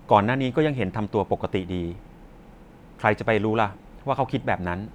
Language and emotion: Thai, neutral